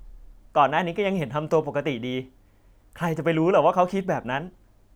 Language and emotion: Thai, neutral